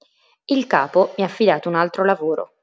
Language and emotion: Italian, neutral